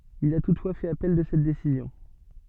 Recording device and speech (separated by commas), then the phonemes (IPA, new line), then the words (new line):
soft in-ear microphone, read sentence
il a tutfwa fɛt apɛl də sɛt desizjɔ̃
Il a toutefois fait appel de cette décision.